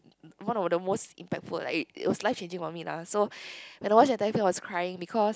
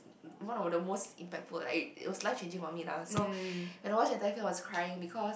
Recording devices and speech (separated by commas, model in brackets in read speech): close-talking microphone, boundary microphone, conversation in the same room